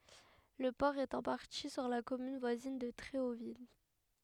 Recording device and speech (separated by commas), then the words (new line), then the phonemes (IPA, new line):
headset microphone, read sentence
Le port est en partie sur la commune voisine de Tréauville.
lə pɔʁ ɛt ɑ̃ paʁti syʁ la kɔmyn vwazin də tʁeovil